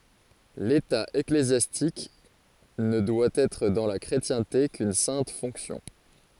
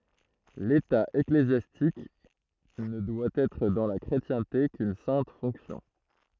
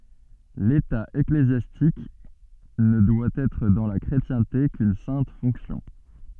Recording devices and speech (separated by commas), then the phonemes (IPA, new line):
forehead accelerometer, throat microphone, soft in-ear microphone, read sentence
leta eklezjastik nə dwa ɛtʁ dɑ̃ la kʁetjɛ̃te kyn sɛ̃t fɔ̃ksjɔ̃